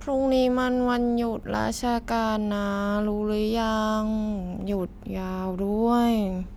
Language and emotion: Thai, frustrated